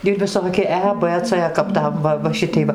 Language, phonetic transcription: Lithuanian, ir viˈsoki ˈe b c kap ˈtam ˈva va ˈšitei ˈva

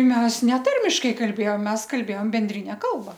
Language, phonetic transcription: Lithuanian, ˈmes neˈtarmiškai kalˈbėjom ˈmes kalˈbėjom benˈdrine ˈkalba

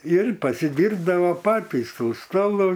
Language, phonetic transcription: Lithuanian, ir pasiˈdyrbdavo ˈpatys ˈtų ˈstolu

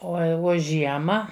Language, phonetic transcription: Lithuanian, ˈo a i ˈvo ˈžiema

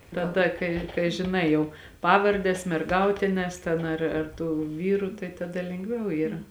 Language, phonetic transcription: Lithuanian, taˈda ˈkai kai žiˈnai jau ˈpavardes merˈgautines ten ˈar ar ˈtų ˈvyrų tai taˈda lengˈviau ˈyra

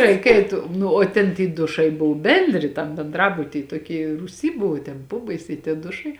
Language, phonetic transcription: Lithuanian, ˈreik ˈeit ˈnu o ˈten ty ˈdušai ˈbuvu ˈbendri tam benˈdrabuty toˈky rūˈsy ˈbuvu ten ˈpobaisiai tie ˈdušai

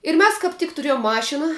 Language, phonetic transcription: Lithuanian, ir ˈmes kap ˈtik tuˈriejum ˈmašina

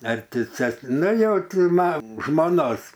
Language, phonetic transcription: Lithuanian, ar ˈti ˈces ˈnu jau ˈti ˈma žmoˈnos

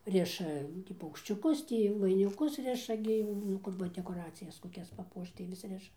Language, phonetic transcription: Lithuanian, ˈriša ˈnu tį paukščiuˈkus ˈtį vainiˈkus ˈriša gi nu ˈkur va dekoˈracijas koˈkias paˈpuošt tai vis ˈriša

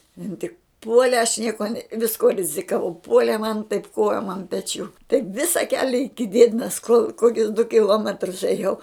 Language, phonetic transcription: Lithuanian, ˈin tik ˈpuole aš ˈnieko ne visˈkuo rizikaˈvau ˈpuolė man taip ˈkojom an peˈčių taip ˈvisa ˈkelia iki ˈdiedinas kol ˈkokius du kiˈlometrus ėˈjau

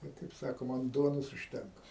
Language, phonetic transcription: Lithuanian, ˈbet kaip ˈsakoma an ˈduonos užˈtenka

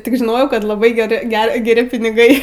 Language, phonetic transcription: Lithuanian, ˈtik žiˈnojau ˈkad laˈbai geˈri ˈge geˈri piniˈgai

